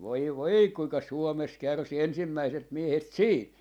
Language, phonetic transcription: Finnish, 'voi "voi kuiŋka "Suomes 'kärsi 'ensimmäiset 'miehet "siit .
- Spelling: voi voi kuinka Suomessa kärsi ensimmäiset miehet siitä

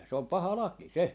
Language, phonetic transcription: Finnish, se om "paha "laki 'se .
- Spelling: se on paha laki se

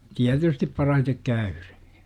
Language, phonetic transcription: Finnish, 'tiätystip 'parahitek "käyRE .
- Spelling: tietysti parhaiten käyden

